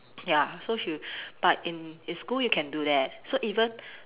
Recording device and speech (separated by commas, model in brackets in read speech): telephone, conversation in separate rooms